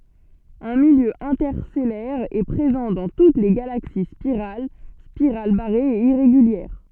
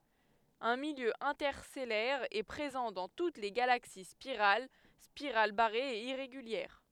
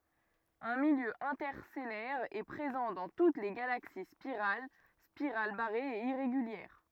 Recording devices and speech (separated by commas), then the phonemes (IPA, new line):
soft in-ear microphone, headset microphone, rigid in-ear microphone, read sentence
œ̃ miljø ɛ̃tɛʁstɛlɛʁ ɛ pʁezɑ̃ dɑ̃ tut le ɡalaksi spiʁal spiʁal baʁez e iʁeɡyljɛʁ